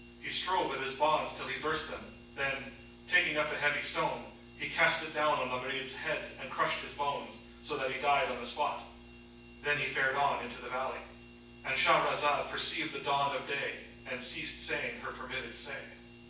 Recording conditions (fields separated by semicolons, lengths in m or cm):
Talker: one person; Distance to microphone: 9.8 m; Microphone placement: far; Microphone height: 1.8 m; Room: large; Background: none